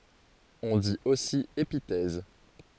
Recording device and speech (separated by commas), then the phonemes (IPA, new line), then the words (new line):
forehead accelerometer, read sentence
ɔ̃ dit osi epitɛz
On dit aussi épithèse.